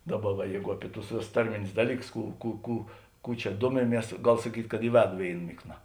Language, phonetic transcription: Lithuanian, ˈdaˌba va ˈjeigu ˈapi tus ˈvėˌsus ˈtarminius ˈdalyˌkus ˈkų ˈkų ˈkų ˈkų čia ˈduomiˌmies ˈgal saˈkyt' kad i ˈvedu ˈvėin ˈmikˌna

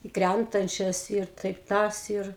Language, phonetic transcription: Lithuanian, i ˈkræntančias ir ˈtaip ˈtas ir

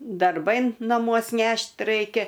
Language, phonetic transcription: Lithuanian, darˈbai naˈmuos ˈnešt ˈraikia

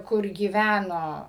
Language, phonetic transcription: Lithuanian, kur gyˈvæno

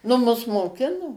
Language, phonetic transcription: Lithuanian, nu ˈmus moˈkino

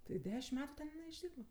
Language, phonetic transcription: Lithuanian, tai ˈdešimt ˈmetu ˈten jiˈnai išˈdyrba

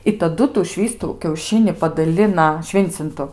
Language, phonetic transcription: Lithuanian, i taˈdu tų ˈšvįstų kiauˈšini padaˈlina ˈšvincintu

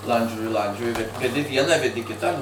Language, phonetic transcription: Lithuanian, ˈlandžioji ˈlandžioji ved veˈdi ˈvieną veˈdi ˈkitą

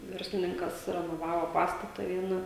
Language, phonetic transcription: Lithuanian, ˈverslininkas renoˈvavo ˈpastata ˈviena

